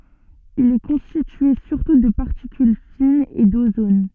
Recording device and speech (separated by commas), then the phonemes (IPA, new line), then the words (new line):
soft in-ear microphone, read sentence
il ɛ kɔ̃stitye syʁtu də paʁtikyl finz e dozon
Il est constitué surtout de particules fines et d'ozone.